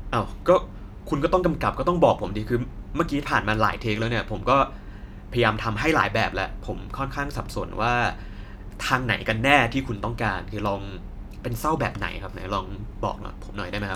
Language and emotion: Thai, frustrated